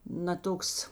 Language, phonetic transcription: Lithuanian, na ˈtoks

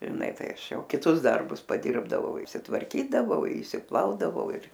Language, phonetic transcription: Lithuanian, žiˈna tai ˈaš ˈjau kiˈtus ˈdarbus paˈdirbdavau išsitvarˈkydavau išsiˈplaudavau ir

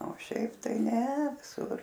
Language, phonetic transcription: Lithuanian, o ˈšiaip ˈtai ne viˈsur

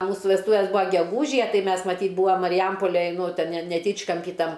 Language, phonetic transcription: Lithuanian, a ˈmūsu vesˈtūvės ˈbūa geˈgūžije ˈtai ˈmes maˈtyt ˈbūam mariˈjampolej ˈnu ˈten ne neˈtyčkampy ˈtam

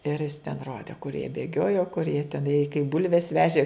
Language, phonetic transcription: Lithuanian, ir jis ten ˈrodė kur jie bėˈgiojo kur jie teˈnai kaip ˈbulves ˈvežė

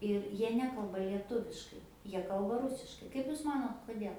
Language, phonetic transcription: Lithuanian, ir ˈjie ˈnekalba lieˈtuviškai ˈjie ˈkalba ˈrusiškai ˈkaip jūs ˈmanot koˈdėl

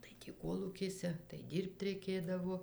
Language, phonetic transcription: Lithuanian, tai ˈtį ˈkolūkėse tai ˈdyrbt reiˈkėdavo

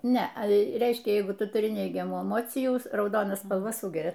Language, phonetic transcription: Lithuanian, ˈne ˈreiškia ˈjeigu ˈtu tuˈri ˈneigiamų eˈmocijų rauˈdona spalˈva ˈsūgeria

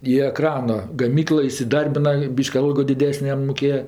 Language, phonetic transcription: Lithuanian, į eˈkrana gaˈmyklɜ isiˈdarbina ˈbyški ˈalgo diˈdesnė ˈjam muˈkėja

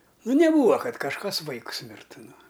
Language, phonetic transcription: Lithuanian, ˈnu neˈbūva ˈkad kažˈkas ˈvaikus ˈmirtu ˈnu

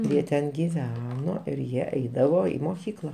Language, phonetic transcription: Lithuanian, ˈjie ten giˈveno ir ˈjie ˈeidavo ˈį moˈkykla

